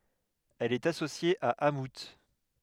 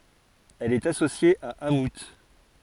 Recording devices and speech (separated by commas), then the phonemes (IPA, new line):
headset microphone, forehead accelerometer, read sentence
ɛl ɛt asosje a amu